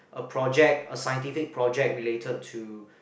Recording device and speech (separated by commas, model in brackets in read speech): boundary microphone, conversation in the same room